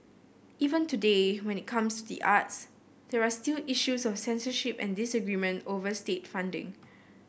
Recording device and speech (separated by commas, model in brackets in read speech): boundary microphone (BM630), read sentence